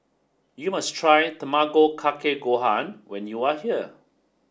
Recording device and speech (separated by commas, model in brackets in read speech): standing microphone (AKG C214), read sentence